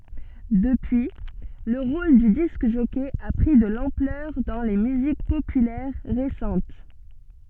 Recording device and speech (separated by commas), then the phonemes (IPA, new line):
soft in-ear microphone, read sentence
dəpyi lə ʁol dy disk ʒɔkɛ a pʁi də lɑ̃plœʁ dɑ̃ le myzik popylɛʁ ʁesɑ̃t